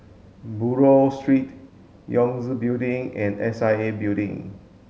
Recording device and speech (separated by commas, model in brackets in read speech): mobile phone (Samsung S8), read sentence